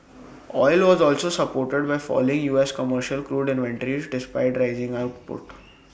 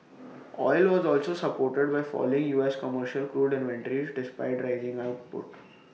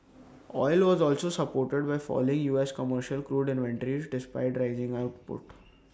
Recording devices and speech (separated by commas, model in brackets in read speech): boundary microphone (BM630), mobile phone (iPhone 6), standing microphone (AKG C214), read sentence